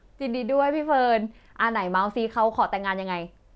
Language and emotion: Thai, happy